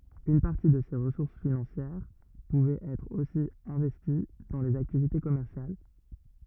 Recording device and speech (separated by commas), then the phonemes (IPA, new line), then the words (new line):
rigid in-ear microphone, read sentence
yn paʁti də se ʁəsuʁs finɑ̃sjɛʁ puvɛt ɛtʁ osi ɛ̃vɛsti dɑ̃ lez aktivite kɔmɛʁsjal
Une partie de ces ressources financières pouvait être aussi investie dans les activités commerciales.